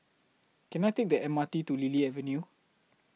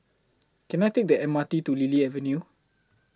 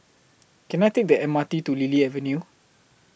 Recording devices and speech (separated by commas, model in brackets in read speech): mobile phone (iPhone 6), close-talking microphone (WH20), boundary microphone (BM630), read sentence